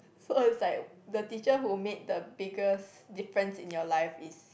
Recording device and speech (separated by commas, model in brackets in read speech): boundary microphone, conversation in the same room